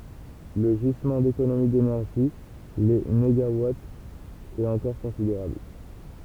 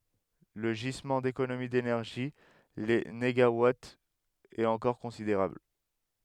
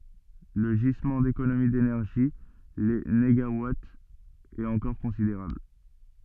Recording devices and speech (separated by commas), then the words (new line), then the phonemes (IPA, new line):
temple vibration pickup, headset microphone, soft in-ear microphone, read sentence
Le gisement d'économies d'énergie — les négawatts — est encore considérable.
lə ʒizmɑ̃ dekonomi denɛʁʒi le neɡawatz ɛt ɑ̃kɔʁ kɔ̃sideʁabl